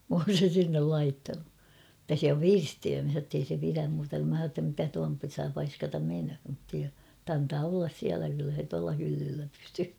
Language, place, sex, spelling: Finnish, Kauhava, female, minä olen sen sinne laittanut mutta se on pirstiöimissä jotta ei se pidä minä sanoin jotta mitä tuon saa paiskata menemään mutta antaa olla siellä kyllä se tuolla hyllyllä pysyy
- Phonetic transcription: m ‿oon̬ sen̬ sinnel 'laittanu , [mut]ta se om 'pirstiöömih jottei se piräm mä h̬a ‿tta mitä tuan 'saa 'paiskatam menhö , [mut]t ‿antaa ollas 'siälä kyllä se tuala 'hyllyllä pysyy .

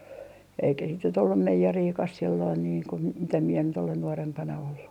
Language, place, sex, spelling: Finnish, Artjärvi, female, eikä sitten nyt ollut meijeriäkään silloin niin kuin - mitä minä nyt olen nuorempana ollut
- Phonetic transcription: eikä sit nyt ‿ollum 'meijeriikas silloin niiŋ ku ‿m - mitä mie nyt ‿olen 'nuorempana ollu .

